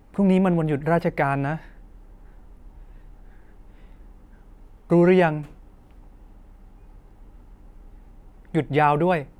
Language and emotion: Thai, sad